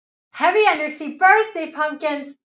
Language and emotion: English, happy